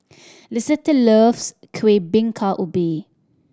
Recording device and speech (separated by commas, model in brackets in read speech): standing microphone (AKG C214), read sentence